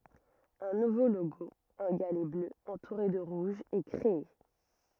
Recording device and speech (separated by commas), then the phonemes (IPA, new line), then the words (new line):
rigid in-ear microphone, read sentence
œ̃ nuvo loɡo œ̃ ɡalɛ blø ɑ̃tuʁe də ʁuʒ ɛ kʁee
Un nouveau logo, un galet bleu entouré de rouge, est créé.